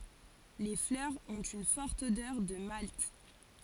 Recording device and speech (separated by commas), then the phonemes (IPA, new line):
forehead accelerometer, read sentence
le flœʁz ɔ̃t yn fɔʁt odœʁ də malt